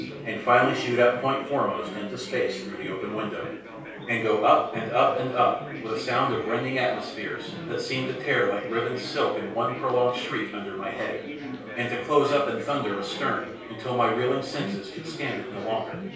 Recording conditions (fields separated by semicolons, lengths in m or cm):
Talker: one person; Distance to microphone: 3.0 m; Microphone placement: far; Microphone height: 1.8 m; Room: small (3.7 m by 2.7 m); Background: babble